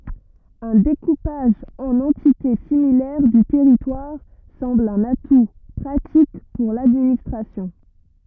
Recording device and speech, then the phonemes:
rigid in-ear microphone, read sentence
œ̃ dekupaʒ ɑ̃n ɑ̃tite similɛʁ dy tɛʁitwaʁ sɑ̃bl œ̃n atu pʁatik puʁ ladministʁasjɔ̃

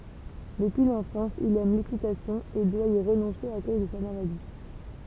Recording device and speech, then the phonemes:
temple vibration pickup, read sentence
dəpyi lɑ̃fɑ̃s il ɛm lekitasjɔ̃ e dwa i ʁənɔ̃se a koz də sa maladi

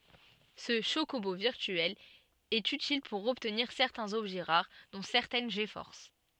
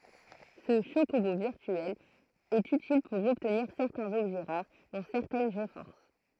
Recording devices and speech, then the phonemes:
soft in-ear microphone, throat microphone, read sentence
sə ʃokobo viʁtyɛl ɛt ytil puʁ ɔbtniʁ sɛʁtɛ̃z ɔbʒɛ ʁaʁ dɔ̃ sɛʁtɛn ɡfɔʁs

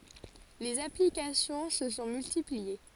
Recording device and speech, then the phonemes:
forehead accelerometer, read sentence
lez aplikasjɔ̃ sə sɔ̃ myltiplie

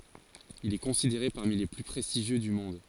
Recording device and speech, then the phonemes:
forehead accelerometer, read sentence
il ɛ kɔ̃sideʁe paʁmi le ply pʁɛstiʒjø dy mɔ̃d

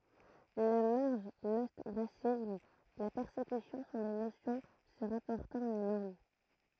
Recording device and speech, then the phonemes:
throat microphone, read sentence
la maʁʒ lɔstʁasism la pɛʁsekysjɔ̃ sɔ̃ de nosjɔ̃ sə ʁapɔʁtɑ̃t a la nɔʁm

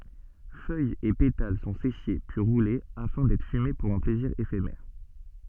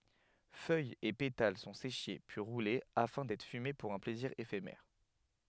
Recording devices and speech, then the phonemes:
soft in-ear microphone, headset microphone, read sentence
fœjz e petal sɔ̃ seʃe pyi ʁule afɛ̃ dɛtʁ fyme puʁ œ̃ plɛziʁ efemɛʁ

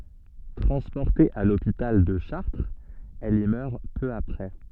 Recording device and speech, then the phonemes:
soft in-ear microphone, read sentence
tʁɑ̃spɔʁte a lopital də ʃaʁtʁz ɛl i mœʁ pø apʁɛ

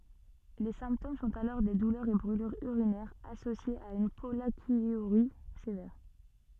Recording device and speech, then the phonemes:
soft in-ear microphone, read sentence
le sɛ̃ptom sɔ̃t alɔʁ de dulœʁz e bʁylyʁz yʁinɛʁz asosjez a yn pɔlakjyʁi sevɛʁ

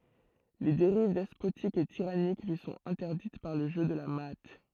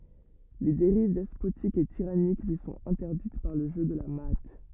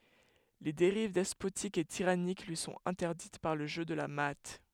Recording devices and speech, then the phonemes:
throat microphone, rigid in-ear microphone, headset microphone, read sentence
le deʁiv dɛspotik e tiʁanik lyi sɔ̃t ɛ̃tɛʁdit paʁ lə ʒø də la maa

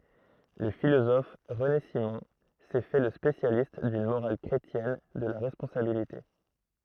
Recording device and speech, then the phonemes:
throat microphone, read sentence
lə filozɔf ʁəne simɔ̃ sɛ fɛ lə spesjalist dyn moʁal kʁetjɛn də la ʁɛspɔ̃sabilite

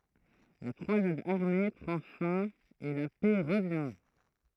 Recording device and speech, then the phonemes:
throat microphone, read sentence
la kʁwazad aʁme pʁɑ̃ fɛ̃ e la pɛ ʁəvjɛ̃

